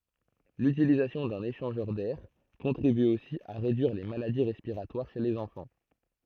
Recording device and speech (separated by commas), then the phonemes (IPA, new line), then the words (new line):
throat microphone, read sentence
lytilizasjɔ̃ dœ̃n eʃɑ̃ʒœʁ dɛʁ kɔ̃tʁiby osi a ʁedyiʁ le maladi ʁɛspiʁatwaʁ ʃe lez ɑ̃fɑ̃
L'utilisation d'un échangeur d'air contribue aussi à réduire les maladies respiratoires chez les enfants.